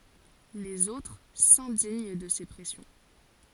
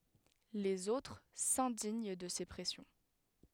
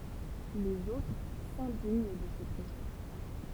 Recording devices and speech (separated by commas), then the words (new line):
forehead accelerometer, headset microphone, temple vibration pickup, read sentence
Les autres s'indignent de ces pressions.